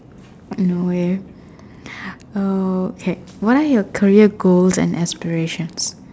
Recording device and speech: standing microphone, conversation in separate rooms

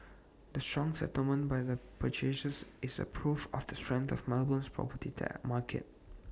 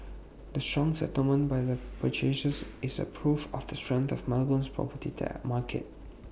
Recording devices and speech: standing microphone (AKG C214), boundary microphone (BM630), read sentence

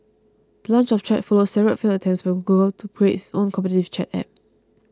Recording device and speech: close-talking microphone (WH20), read sentence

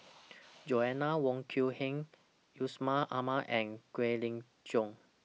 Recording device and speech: mobile phone (iPhone 6), read sentence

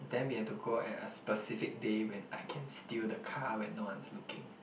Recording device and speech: boundary microphone, conversation in the same room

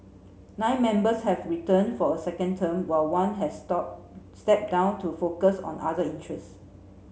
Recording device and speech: mobile phone (Samsung C7), read sentence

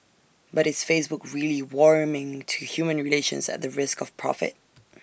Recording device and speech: boundary microphone (BM630), read sentence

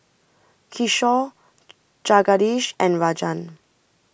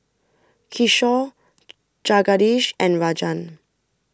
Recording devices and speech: boundary microphone (BM630), standing microphone (AKG C214), read sentence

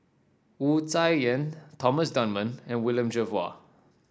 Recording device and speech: standing microphone (AKG C214), read sentence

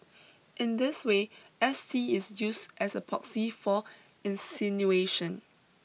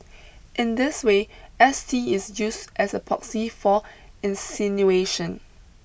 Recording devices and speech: mobile phone (iPhone 6), boundary microphone (BM630), read sentence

